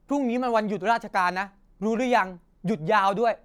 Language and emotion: Thai, frustrated